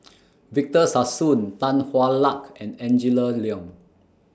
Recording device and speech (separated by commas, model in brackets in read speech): standing microphone (AKG C214), read sentence